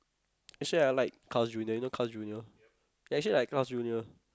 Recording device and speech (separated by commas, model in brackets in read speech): close-talking microphone, conversation in the same room